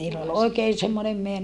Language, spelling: Finnish, niillä oli oikea semmoinen -
- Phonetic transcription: niill ‿ol oikee semmonem meä - ,.

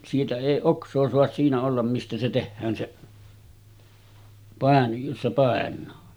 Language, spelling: Finnish, siitä ei oksaa saa siinä olla mistä se tehdään se - jossa painaa
- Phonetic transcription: siitä èi 'oks̀oo soas siinä ollam mistä se 'tehhään seˀ , pàen- jossa 'pàen̆naa .

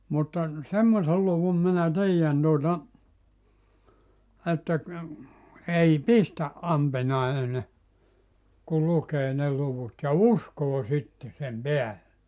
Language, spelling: Finnish, mutta semmoisen luvun minä tiedän tuota että ei pistä ampiainen kun lukee ne luvut ja uskoo sitten sen päälle
- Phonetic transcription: mutta , 'semmosel luvum minä "tiijän tuota , että , 'ei "pistä’ "’ampinaine , kul 'lukee 'ne 'luvut ja "uskoo 'sitte sem "peälle .

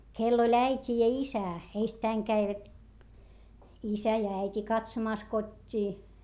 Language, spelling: Finnish, kenellä oli äiti ja isä ensittäin kävivät isä ja äiti katsomassa kotiin
- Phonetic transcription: kell ‿oĺ äit́i ja isä , eistäiŋ käivät , isä ja äit́i katsomàs kot́t́ii .

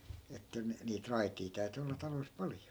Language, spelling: Finnish, että niitä raiteja täytyi olla taloissa paljon
- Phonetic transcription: että , 'niit "raitii 'täy̬ty olla 'talois 'paljo .

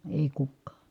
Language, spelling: Finnish, ei kukaan
- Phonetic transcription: èi̮ kukkaa .

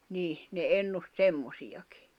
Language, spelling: Finnish, niin ne ennusti semmoisiakin
- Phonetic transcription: niih , ne 'ennust "semmosiʲakɪ .

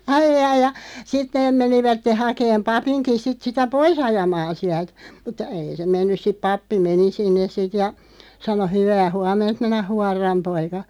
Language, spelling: Finnish, ai ai ja sitten ne menivät hakemaan papinkin sitten sitä pois ajamaan sieltä mutta ei se mennyt sitten pappi meni sinne sitten ja sanoi hyvää huomenta minä huoran poika
- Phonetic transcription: 'aijjai ja , 'sit neeᵐ 'menivätte 'hakeem "papiŋki 'sit sitä "poi's ‿ajamaan 'siält , mut̆tᵃ 'ei se 'mennys siᵖ 'pappi "meni 'sinnes 'sit ja , 'sano » 'hyvää "huam̆ment minä 'huarram 'poika « .

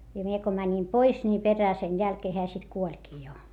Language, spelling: Finnish, ja minä kun menin pois niin perään sen jälkeen hän sitten kuolikin jo
- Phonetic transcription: ja mie ko mäńim pois ni perää sen jälkee heä sit kuoĺkii jo .

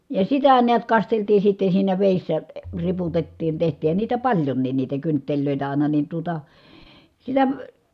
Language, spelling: Finnish, ja sitä näet kasteltiin sitten siinä vedessä - riputettiin tehtiinhän niitä paljonkin niitä kynttilöitä aina niin tuota sillä
- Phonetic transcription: ja sitä niät kasteltii sitte siinä vèissä , ə riputettiin teht̀iih̆hän niitä paĺjonniin niitä kyntteĺlö̀itä ài̮na nin tuota , sillä ,.

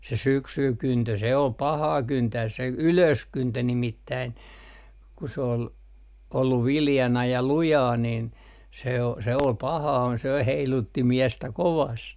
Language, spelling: Finnish, se syksyn kyntö se oli pahaa kyntää se ylöskyntö nimittäin kun se oli ollut viljana ja lujaa niin se on se oli pahaa se heilutti miestä kovasti
- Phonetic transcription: se "syksyy 'kyntö se ol "pahaa 'kyntääs se "ylöskyntö 'nimittäin , ku s ‿ool , olluv 'viljana ja 'lujaa nin , se o se ol "pahaa se 'heilutti "miɛstä 'kovast .

